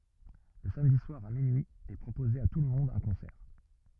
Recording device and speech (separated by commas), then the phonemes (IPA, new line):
rigid in-ear microphone, read sentence
lə samdi swaʁ a minyi ɛ pʁopoze a tulmɔ̃d œ̃ kɔ̃sɛʁ